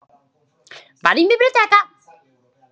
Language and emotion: Italian, happy